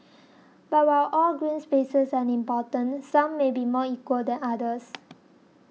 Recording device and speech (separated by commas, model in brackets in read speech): mobile phone (iPhone 6), read sentence